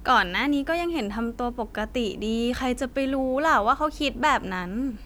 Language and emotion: Thai, neutral